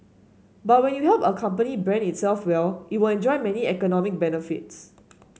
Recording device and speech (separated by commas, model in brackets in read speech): mobile phone (Samsung S8), read sentence